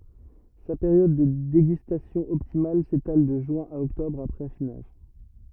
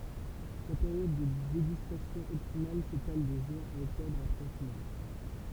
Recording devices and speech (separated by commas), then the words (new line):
rigid in-ear microphone, temple vibration pickup, read sentence
Sa période de dégustation optimale s'étale de juin à octobre, après affinage.